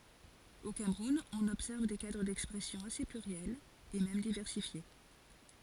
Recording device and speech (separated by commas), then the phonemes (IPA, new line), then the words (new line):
forehead accelerometer, read sentence
o kamʁun ɔ̃n ɔbsɛʁv de kadʁ dɛkspʁɛsjɔ̃ ase plyʁjɛlz e mɛm divɛʁsifje
Au Cameroun, on observe des cadres d'expression assez pluriels et même diversifiés.